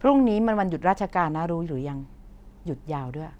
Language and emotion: Thai, neutral